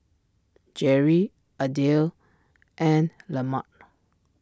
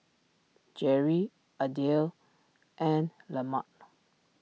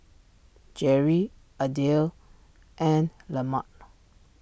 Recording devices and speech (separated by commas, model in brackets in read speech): standing microphone (AKG C214), mobile phone (iPhone 6), boundary microphone (BM630), read sentence